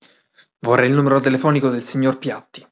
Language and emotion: Italian, angry